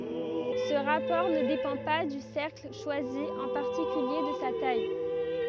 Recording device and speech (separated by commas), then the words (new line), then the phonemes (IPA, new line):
rigid in-ear microphone, read sentence
Ce rapport ne dépend pas du cercle choisi, en particulier de sa taille.
sə ʁapɔʁ nə depɑ̃ pa dy sɛʁkl ʃwazi ɑ̃ paʁtikylje də sa taj